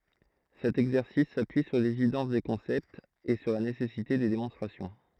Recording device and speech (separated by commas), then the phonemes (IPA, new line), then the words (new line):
throat microphone, read sentence
sɛt ɛɡzɛʁsis sapyi syʁ levidɑ̃s de kɔ̃sɛptz e syʁ la nesɛsite de demɔ̃stʁasjɔ̃
Cet exercice s'appuie sur l'évidence des concepts et sur la nécessité des démonstrations.